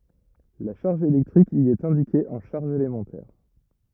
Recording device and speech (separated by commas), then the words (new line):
rigid in-ear microphone, read sentence
La charge électrique y est indiquée en charges élémentaires.